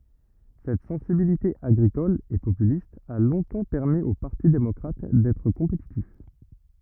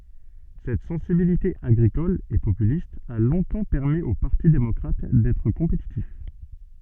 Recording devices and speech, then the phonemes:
rigid in-ear microphone, soft in-ear microphone, read sentence
sɛt sɑ̃sibilite aɡʁikɔl e popylist a lɔ̃tɑ̃ pɛʁmi o paʁti demɔkʁat dɛtʁ kɔ̃petitif

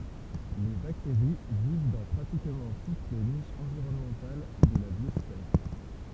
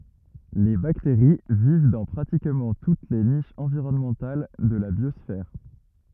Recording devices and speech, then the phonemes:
temple vibration pickup, rigid in-ear microphone, read sentence
le bakteʁi viv dɑ̃ pʁatikmɑ̃ tut le niʃz ɑ̃viʁɔnmɑ̃tal də la bjɔsfɛʁ

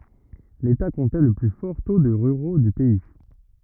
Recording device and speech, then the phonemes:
rigid in-ear microphone, read sentence
leta kɔ̃tɛ lə ply fɔʁ to də ʁyʁo dy pɛi

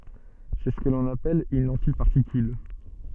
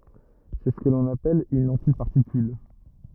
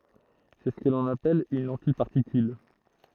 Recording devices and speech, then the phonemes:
soft in-ear microphone, rigid in-ear microphone, throat microphone, read sentence
sɛ sə kɔ̃n apɛl yn ɑ̃tipaʁtikyl

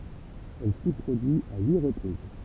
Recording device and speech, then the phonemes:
temple vibration pickup, read sentence
ɛl si pʁodyi a yi ʁəpʁiz

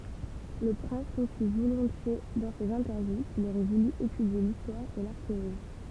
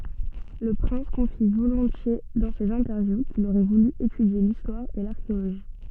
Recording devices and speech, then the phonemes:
temple vibration pickup, soft in-ear microphone, read sentence
lə pʁɛ̃s kɔ̃fi volɔ̃tje dɑ̃ sez ɛ̃tɛʁvju kil oʁɛ vuly etydje listwaʁ e laʁkeoloʒi

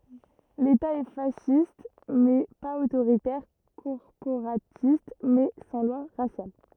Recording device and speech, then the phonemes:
rigid in-ear microphone, read sentence
leta ɛ fasist mɛ paz otoʁitɛʁ kɔʁpoʁatist mɛ sɑ̃ lwa ʁasjal

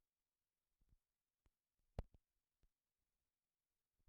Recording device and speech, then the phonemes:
rigid in-ear microphone, read sentence
il fɔ̃ paʁti de kɔ̃pozez alisiklik

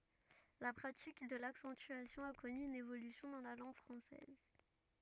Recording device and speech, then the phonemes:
rigid in-ear microphone, read sentence
la pʁatik də laksɑ̃tyasjɔ̃ a kɔny yn evolysjɔ̃ dɑ̃ la lɑ̃ɡ fʁɑ̃sɛz

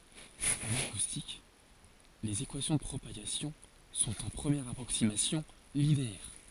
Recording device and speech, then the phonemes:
forehead accelerometer, read sentence
ɑ̃n akustik lez ekwasjɔ̃ də pʁopaɡasjɔ̃ sɔ̃t ɑ̃ pʁəmjɛʁ apʁoksimasjɔ̃ lineɛʁ

